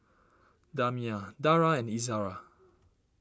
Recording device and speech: standing microphone (AKG C214), read sentence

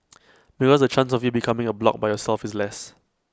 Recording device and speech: close-talking microphone (WH20), read sentence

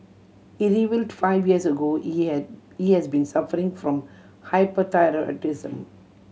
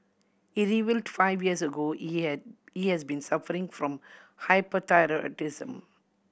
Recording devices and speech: mobile phone (Samsung C7100), boundary microphone (BM630), read sentence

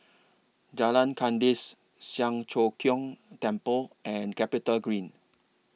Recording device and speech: mobile phone (iPhone 6), read sentence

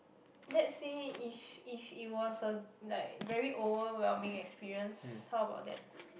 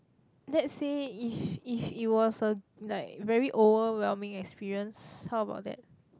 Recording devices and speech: boundary microphone, close-talking microphone, conversation in the same room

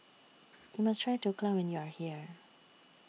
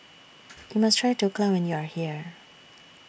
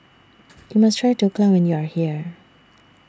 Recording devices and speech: mobile phone (iPhone 6), boundary microphone (BM630), standing microphone (AKG C214), read sentence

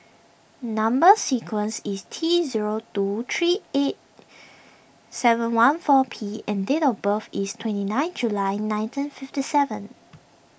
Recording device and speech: boundary microphone (BM630), read sentence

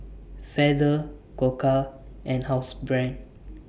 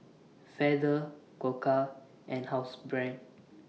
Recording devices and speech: boundary microphone (BM630), mobile phone (iPhone 6), read sentence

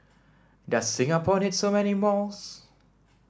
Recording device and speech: standing microphone (AKG C214), read sentence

